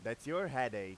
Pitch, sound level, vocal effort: 125 Hz, 98 dB SPL, loud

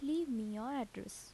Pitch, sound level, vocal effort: 265 Hz, 78 dB SPL, soft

